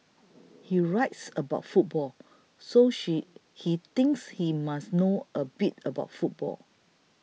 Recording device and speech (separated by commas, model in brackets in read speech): mobile phone (iPhone 6), read sentence